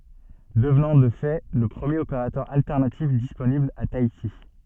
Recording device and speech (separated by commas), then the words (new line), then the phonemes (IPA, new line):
soft in-ear microphone, read sentence
Devenant de fait le premier opérateur alternatif disponible a Tahiti.
dəvnɑ̃ də fɛ lə pʁəmjeʁ opeʁatœʁ altɛʁnatif disponibl a taiti